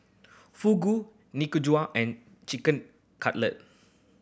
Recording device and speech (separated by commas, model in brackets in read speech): boundary microphone (BM630), read sentence